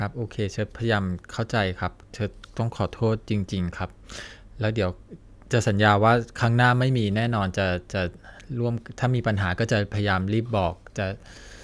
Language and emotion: Thai, sad